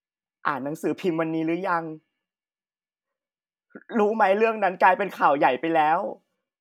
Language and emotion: Thai, sad